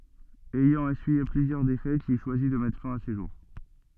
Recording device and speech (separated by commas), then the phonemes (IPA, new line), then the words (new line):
soft in-ear microphone, read sentence
ɛjɑ̃ esyije plyzjœʁ defɛtz il ʃwazi də mɛtʁ fɛ̃ a se ʒuʁ
Ayant essuyé plusieurs défaites, il choisit de mettre fin à ses jours.